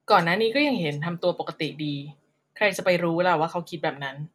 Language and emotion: Thai, neutral